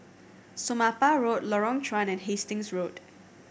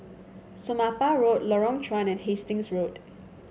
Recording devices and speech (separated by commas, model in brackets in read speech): boundary microphone (BM630), mobile phone (Samsung C7100), read sentence